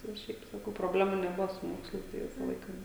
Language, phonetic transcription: Lithuanian, tai jau ˈšiaip saˈkau proˈblemų neˈbuvo su ˈmokslais tai ˈvisa ˈlaika

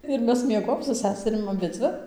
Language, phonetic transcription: Lithuanian, ir ˈmes mieˈgojom su ˈseserim aˈbidzvi

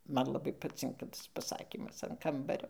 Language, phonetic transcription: Lithuanian, ˈman laˈbai paˈcinka ˈtas paˈsakymas an ˈkambario

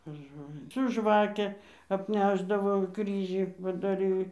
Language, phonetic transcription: Lithuanian, per ˈžolini su ˈžvake apˈnešdavo ˈkryžį padaˈry

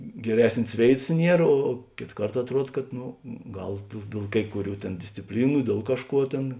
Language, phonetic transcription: Lithuanian, geˈresnės ˈvėitas ˈnier o ˈkėt ˈkart atˈruod kad ˈnu ˈgal dėl dėl ˈkai kuˌrių ˈtėn discipˈlynu ˈdiel kažˌkuo ˈtėn

